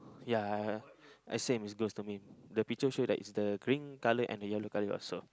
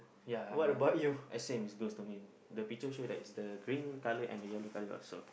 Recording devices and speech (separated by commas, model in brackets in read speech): close-talking microphone, boundary microphone, conversation in the same room